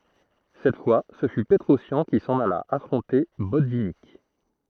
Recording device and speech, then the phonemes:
throat microphone, read sentence
sɛt fwa sə fy pətʁɔsjɑ̃ ki sɑ̃n ala afʁɔ̃te bɔtvinik

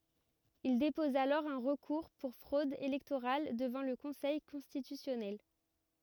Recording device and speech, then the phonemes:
rigid in-ear microphone, read sentence
il depɔz alɔʁ œ̃ ʁəkuʁ puʁ fʁod elɛktoʁal dəvɑ̃ lə kɔ̃sɛj kɔ̃stitysjɔnɛl

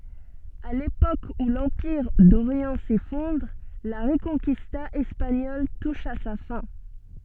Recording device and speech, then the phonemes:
soft in-ear microphone, read sentence
a lepok u lɑ̃piʁ doʁjɑ̃ sefɔ̃dʁ la ʁəkɔ̃kista ɛspaɲɔl tuʃ a sa fɛ̃

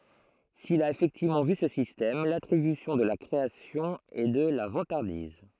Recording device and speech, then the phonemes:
throat microphone, read sentence
sil a efɛktivmɑ̃ vy sə sistɛm latʁibysjɔ̃ də la kʁeasjɔ̃ ɛ də la vɑ̃taʁdiz

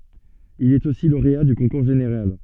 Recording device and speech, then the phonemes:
soft in-ear microphone, read sentence
il ɛt osi loʁea dy kɔ̃kuʁ ʒeneʁal

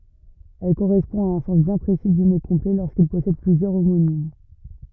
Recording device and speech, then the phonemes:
rigid in-ear microphone, read sentence
ɛl koʁɛspɔ̃ a œ̃ sɑ̃s bjɛ̃ pʁesi dy mo kɔ̃plɛ loʁskil pɔsɛd plyzjœʁ omonim

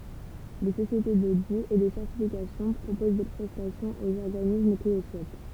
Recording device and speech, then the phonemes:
temple vibration pickup, read sentence
de sosjete dodi e də sɛʁtifikasjɔ̃ pʁopoz de pʁɛstasjɔ̃z oz ɔʁɡanism ki lə suɛt

